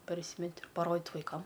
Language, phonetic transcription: Lithuanian, parˈsymeti paˈrodit vaiˈkam

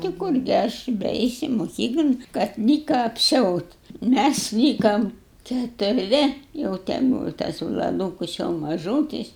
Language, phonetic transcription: Lithuanian, ti ˈkurgi ˈaš beˈeisi moˈkyklon kad ni ˈką apˈsiaut' ˈmæs ˈlykam keturˈvi jau te ˈbūva tas vlaˈdūkus jau maˈžūtis

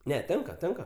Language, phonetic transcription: Lithuanian, ˈne ˈtenka ˈtenka

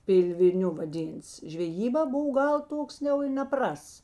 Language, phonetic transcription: Lithuanian, ˈpilviˌniu vaˈdynts žveˈjybā ˈbov ˈgal ˈtoks jau i neˈprasts

